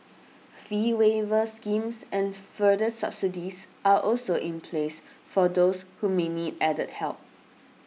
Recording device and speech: mobile phone (iPhone 6), read sentence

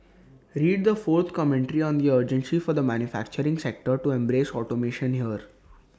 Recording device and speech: standing microphone (AKG C214), read sentence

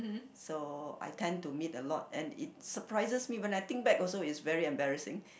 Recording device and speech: boundary microphone, conversation in the same room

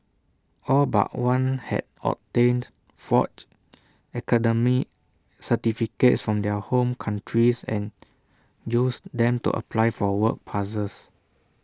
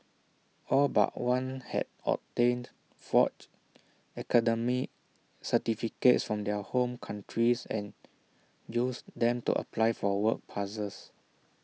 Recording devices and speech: standing microphone (AKG C214), mobile phone (iPhone 6), read sentence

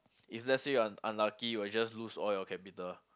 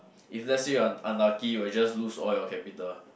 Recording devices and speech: close-talking microphone, boundary microphone, conversation in the same room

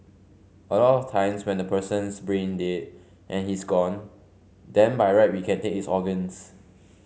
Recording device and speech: mobile phone (Samsung C5), read sentence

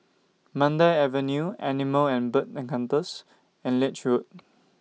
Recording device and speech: mobile phone (iPhone 6), read sentence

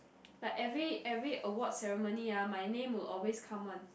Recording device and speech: boundary microphone, conversation in the same room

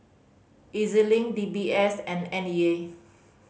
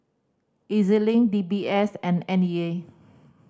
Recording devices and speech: mobile phone (Samsung C5010), standing microphone (AKG C214), read sentence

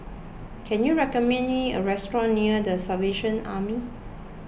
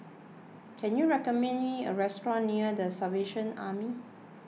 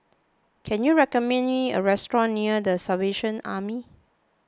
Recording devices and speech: boundary microphone (BM630), mobile phone (iPhone 6), close-talking microphone (WH20), read sentence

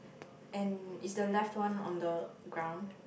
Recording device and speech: boundary microphone, conversation in the same room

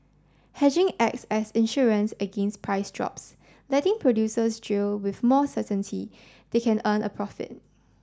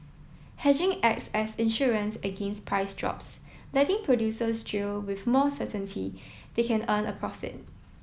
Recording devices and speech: standing microphone (AKG C214), mobile phone (iPhone 7), read sentence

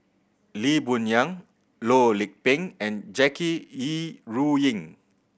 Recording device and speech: boundary microphone (BM630), read sentence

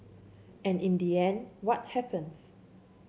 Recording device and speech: mobile phone (Samsung C7), read sentence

